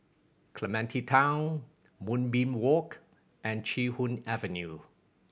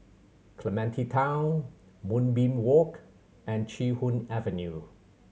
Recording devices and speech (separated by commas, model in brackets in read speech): boundary microphone (BM630), mobile phone (Samsung C7100), read sentence